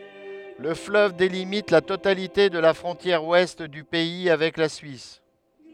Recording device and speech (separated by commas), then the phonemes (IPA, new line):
headset microphone, read sentence
lə fløv delimit la totalite də la fʁɔ̃tjɛʁ wɛst dy pɛi avɛk la syis